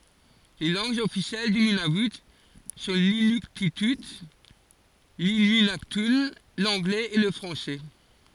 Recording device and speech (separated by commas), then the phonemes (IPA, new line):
forehead accelerometer, read sentence
le lɑ̃ɡz ɔfisjɛl dy nynavy sɔ̃ linyktity linyɛ̃naktœ̃ lɑ̃ɡlɛz e lə fʁɑ̃sɛ